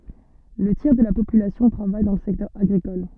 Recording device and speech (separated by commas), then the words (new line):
soft in-ear microphone, read sentence
Le tiers de la population travaille dans le secteur agricole.